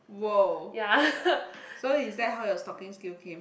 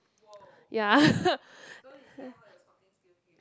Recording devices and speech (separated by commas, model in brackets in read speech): boundary microphone, close-talking microphone, conversation in the same room